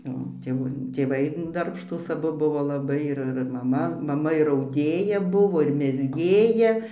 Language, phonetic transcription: Lithuanian, o tėˈvų tėˈvai darbšˈtūs aˈbu ˈbuvo laˈbai ˈir ir maˈma ˈmama ir auˈdėja ˈbuvo ir mezˈgėja

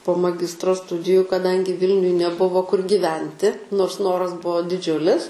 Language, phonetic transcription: Lithuanian, po maˈgistro ˈstudiju kaˈdangi ˈvilniuj neˈbuvo kur giˈventi nors ˈnoras ˈbuvo diˈdžiulis

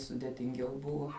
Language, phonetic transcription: Lithuanian, sudėtinˈgiau ˈbuvo

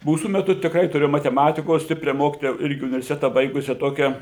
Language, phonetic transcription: Lithuanian, ˈmūsų meˈtu tikˈrai tuˈrėjom mateˈmatikos ˈstipria ˈmokitoja ˈirgi universiˈteta ˈbaigusia ˈtokia

